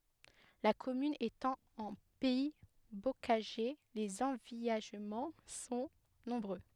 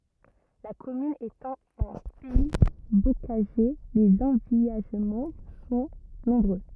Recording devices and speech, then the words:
headset microphone, rigid in-ear microphone, read sentence
La commune étant en pays bocager, les envillagements sont nombreux.

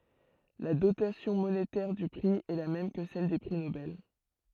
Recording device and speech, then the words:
throat microphone, read sentence
La dotation monétaire du prix est la même que celle des prix Nobel.

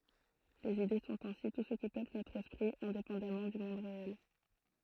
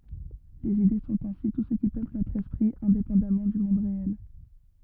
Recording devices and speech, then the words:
throat microphone, rigid in-ear microphone, read sentence
Les idées sont ainsi tout ce qui peuple notre esprit, indépendamment du monde réel.

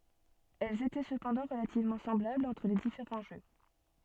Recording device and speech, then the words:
soft in-ear microphone, read sentence
Elles étaient cependant relativement semblables entre les différents jeux.

